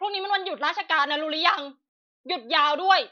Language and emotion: Thai, angry